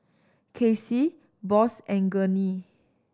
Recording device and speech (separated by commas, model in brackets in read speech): standing microphone (AKG C214), read sentence